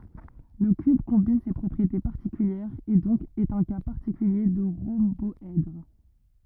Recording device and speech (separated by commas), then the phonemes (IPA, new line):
rigid in-ear microphone, read sentence
lə kyb kɔ̃bin se pʁɔpʁiete paʁtikyljɛʁz e dɔ̃k ɛt œ̃ ka paʁtikylje də ʁɔ̃bɔɛdʁ